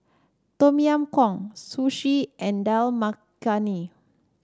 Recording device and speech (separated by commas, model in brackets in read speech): standing microphone (AKG C214), read sentence